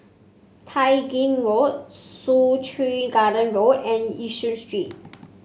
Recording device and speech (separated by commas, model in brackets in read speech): mobile phone (Samsung C5), read sentence